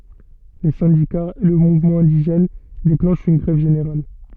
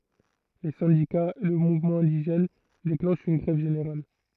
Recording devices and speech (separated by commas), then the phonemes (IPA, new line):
soft in-ear microphone, throat microphone, read sentence
le sɛ̃dikaz e lə muvmɑ̃ ɛ̃diʒɛn deklɑ̃ʃt yn ɡʁɛv ʒeneʁal